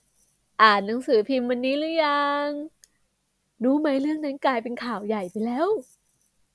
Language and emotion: Thai, happy